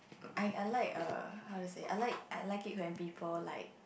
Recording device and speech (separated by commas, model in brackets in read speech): boundary microphone, conversation in the same room